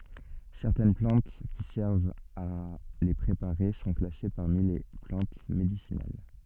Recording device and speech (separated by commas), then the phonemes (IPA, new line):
soft in-ear microphone, read sentence
sɛʁtɛn plɑ̃t ki sɛʁvt a le pʁepaʁe sɔ̃ klase paʁmi le plɑ̃t medisinal